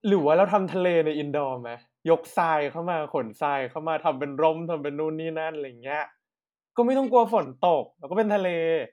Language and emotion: Thai, happy